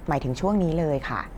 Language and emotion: Thai, neutral